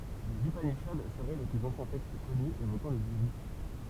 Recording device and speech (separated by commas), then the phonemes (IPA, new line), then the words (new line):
temple vibration pickup, read sentence
lez ypaniʃad səʁɛ le plyz ɑ̃sjɛ̃ tɛkst kɔny evokɑ̃ lə ɡyʁy
Les upanishads seraient les plus anciens textes connus évoquant le guru.